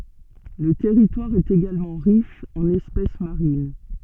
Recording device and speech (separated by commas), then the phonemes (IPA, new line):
soft in-ear microphone, read sentence
lə tɛʁitwaʁ ɛt eɡalmɑ̃ ʁiʃ ɑ̃n ɛspɛs maʁin